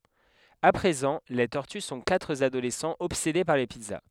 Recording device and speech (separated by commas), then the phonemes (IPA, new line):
headset microphone, read sentence
a pʁezɑ̃ le tɔʁty sɔ̃ katʁ adolɛsɑ̃z ɔbsede paʁ le pizza